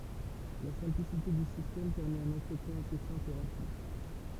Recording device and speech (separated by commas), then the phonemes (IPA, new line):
temple vibration pickup, read sentence
la sɛ̃plisite dy sistɛm pɛʁmɛt œ̃n ɑ̃tʁətjɛ̃ ase sɛ̃pl e ʁapid